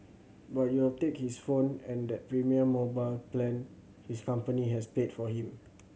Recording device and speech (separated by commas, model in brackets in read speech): mobile phone (Samsung C7100), read sentence